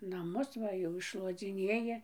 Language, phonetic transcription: Lithuanian, naˈmus ˈva jau iššluodziˈnėji

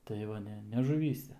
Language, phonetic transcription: Lithuanian, tai ˈva ˈne ne žuˈvyse

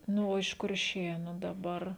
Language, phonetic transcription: Lithuanian, ˈnu o iš kurˈšėnu daˈbar

